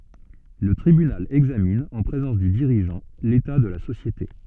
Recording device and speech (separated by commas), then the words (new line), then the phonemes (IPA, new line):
soft in-ear microphone, read sentence
Le tribunal examine, en présence du dirigeant, l'état de la société.
lə tʁibynal ɛɡzamin ɑ̃ pʁezɑ̃s dy diʁiʒɑ̃ leta də la sosjete